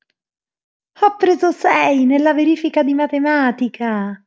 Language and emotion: Italian, happy